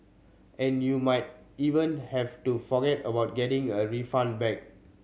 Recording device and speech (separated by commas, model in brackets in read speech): mobile phone (Samsung C7100), read sentence